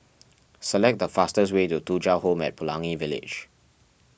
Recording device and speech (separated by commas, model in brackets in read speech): boundary microphone (BM630), read sentence